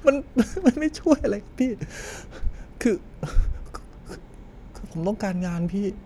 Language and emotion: Thai, sad